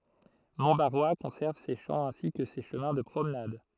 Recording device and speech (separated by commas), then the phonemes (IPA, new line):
throat microphone, read sentence
mɔ̃tbaʁwa kɔ̃sɛʁv se ʃɑ̃ ɛ̃si kə se ʃəmɛ̃ də pʁomnad